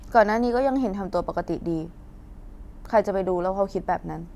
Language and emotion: Thai, frustrated